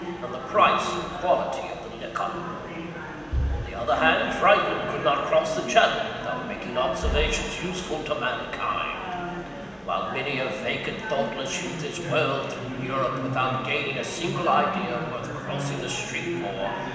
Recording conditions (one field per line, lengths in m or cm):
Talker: one person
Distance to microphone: 1.7 m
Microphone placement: close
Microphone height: 1.0 m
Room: very reverberant, large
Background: babble